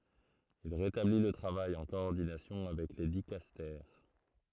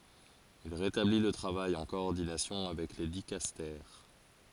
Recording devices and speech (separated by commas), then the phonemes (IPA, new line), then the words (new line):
throat microphone, forehead accelerometer, read sentence
il ʁetabli lə tʁavaj ɑ̃ kɔɔʁdinasjɔ̃ avɛk le dikastɛʁ
Il rétablit le travail en coordination avec les dicastères.